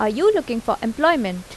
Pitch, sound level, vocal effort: 230 Hz, 85 dB SPL, normal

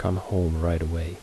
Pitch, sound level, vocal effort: 85 Hz, 72 dB SPL, soft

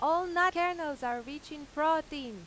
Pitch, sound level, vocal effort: 300 Hz, 96 dB SPL, very loud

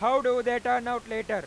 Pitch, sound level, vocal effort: 245 Hz, 107 dB SPL, very loud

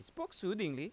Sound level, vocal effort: 89 dB SPL, loud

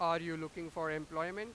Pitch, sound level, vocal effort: 165 Hz, 101 dB SPL, very loud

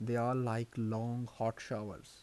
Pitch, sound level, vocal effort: 115 Hz, 80 dB SPL, soft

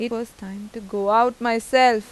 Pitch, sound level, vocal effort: 230 Hz, 91 dB SPL, normal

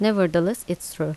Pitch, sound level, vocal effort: 175 Hz, 80 dB SPL, normal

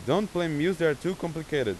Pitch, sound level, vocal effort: 170 Hz, 93 dB SPL, loud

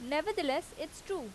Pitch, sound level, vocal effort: 320 Hz, 87 dB SPL, very loud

